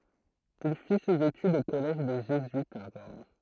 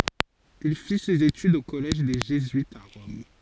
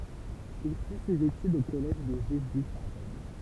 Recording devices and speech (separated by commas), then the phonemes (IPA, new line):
throat microphone, forehead accelerometer, temple vibration pickup, read sentence
il fi sez etydz o kɔlɛʒ de ʒezyitz a ʁɔm